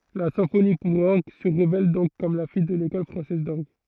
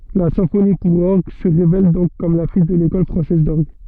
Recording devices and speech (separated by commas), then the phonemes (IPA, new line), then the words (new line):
throat microphone, soft in-ear microphone, read sentence
la sɛ̃foni puʁ ɔʁɡ sə ʁevɛl dɔ̃k kɔm la fij də lekɔl fʁɑ̃sɛz dɔʁɡ
La symphonie pour orgue se révèle donc comme la fille de l'école française d'orgue.